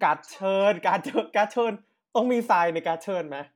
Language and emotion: Thai, happy